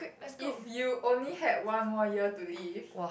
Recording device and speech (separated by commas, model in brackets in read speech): boundary microphone, conversation in the same room